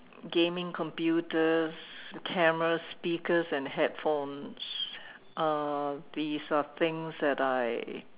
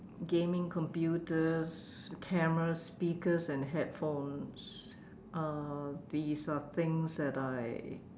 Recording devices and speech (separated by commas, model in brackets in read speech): telephone, standing microphone, conversation in separate rooms